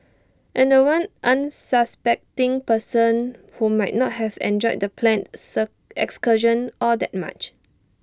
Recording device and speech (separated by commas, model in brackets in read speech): standing microphone (AKG C214), read sentence